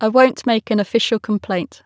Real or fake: real